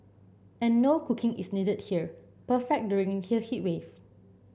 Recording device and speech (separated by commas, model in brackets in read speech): boundary microphone (BM630), read sentence